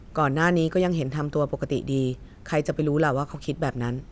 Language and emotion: Thai, neutral